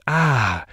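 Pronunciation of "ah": The vowel 'ah' is said with breathy voice.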